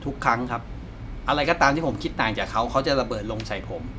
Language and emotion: Thai, frustrated